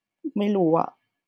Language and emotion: Thai, neutral